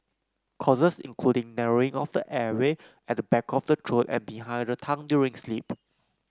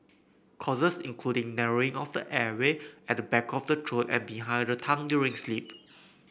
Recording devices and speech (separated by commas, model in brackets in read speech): close-talking microphone (WH30), boundary microphone (BM630), read sentence